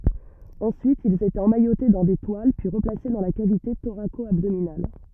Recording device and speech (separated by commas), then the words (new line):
rigid in-ear microphone, read sentence
Ensuite, ils étaient emmaillotés dans des toiles puis replacés dans la cavité thoraco-abdominale.